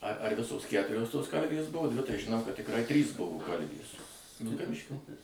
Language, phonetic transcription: Lithuanian, ar ar ˈvisos ˈkæturios tos ˈkalvės ˈbuvo ˈdvi tai žiˈnau kad tikˈrai ˈtrys ˈbuvo ˈkalvės vilkaˈviškio

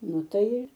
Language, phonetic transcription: Lithuanian, ˈnu ˈtai ir

